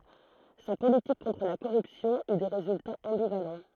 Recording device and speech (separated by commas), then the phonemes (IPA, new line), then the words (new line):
throat microphone, read sentence
sa politik kɔ̃tʁ la koʁypsjɔ̃ y de ʁezyltaz ɑ̃bivalɑ̃
Sa politique contre la corruption eut des résultats ambivalents.